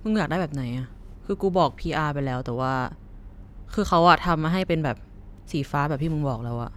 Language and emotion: Thai, neutral